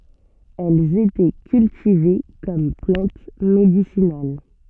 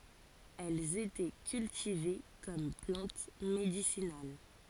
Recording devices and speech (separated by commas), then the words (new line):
soft in-ear microphone, forehead accelerometer, read sentence
Elles étaient cultivées comme plante médicinale.